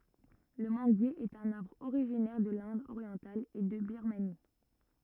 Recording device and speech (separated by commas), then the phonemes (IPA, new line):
rigid in-ear microphone, read sentence
lə mɑ̃ɡje ɛt œ̃n aʁbʁ oʁiʒinɛʁ də lɛ̃d oʁjɑ̃tal e də biʁmani